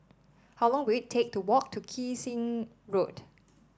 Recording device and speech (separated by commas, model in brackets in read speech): standing microphone (AKG C214), read sentence